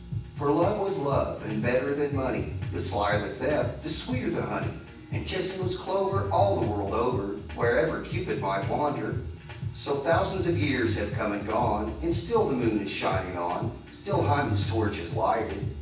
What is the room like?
A spacious room.